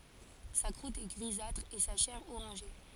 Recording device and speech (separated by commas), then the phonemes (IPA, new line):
forehead accelerometer, read sentence
sa kʁut ɛ ɡʁizatʁ e sa ʃɛʁ oʁɑ̃ʒe